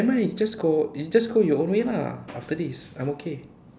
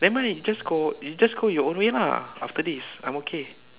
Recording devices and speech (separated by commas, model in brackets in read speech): standing microphone, telephone, conversation in separate rooms